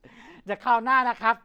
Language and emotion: Thai, neutral